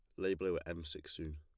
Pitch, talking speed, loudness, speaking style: 85 Hz, 310 wpm, -41 LUFS, plain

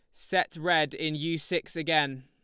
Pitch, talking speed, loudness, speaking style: 155 Hz, 175 wpm, -28 LUFS, Lombard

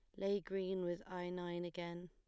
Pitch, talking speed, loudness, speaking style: 180 Hz, 190 wpm, -43 LUFS, plain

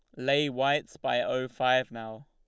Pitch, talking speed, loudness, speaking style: 130 Hz, 175 wpm, -28 LUFS, Lombard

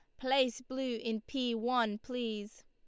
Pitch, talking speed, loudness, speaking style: 245 Hz, 145 wpm, -35 LUFS, Lombard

